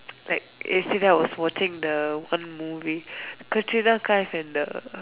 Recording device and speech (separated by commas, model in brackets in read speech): telephone, conversation in separate rooms